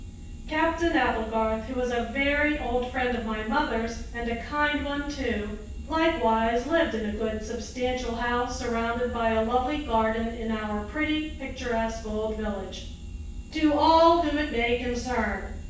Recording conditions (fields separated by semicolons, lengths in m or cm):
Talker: one person; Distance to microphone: 9.8 m; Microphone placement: far; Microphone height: 1.8 m; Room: large; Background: none